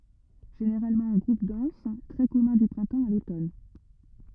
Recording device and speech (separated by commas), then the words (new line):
rigid in-ear microphone, read sentence
Généralement en groupes denses, très commun du printemps à l'automne.